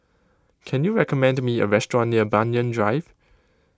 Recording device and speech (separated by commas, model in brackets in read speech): close-talking microphone (WH20), read sentence